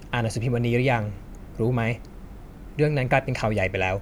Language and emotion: Thai, neutral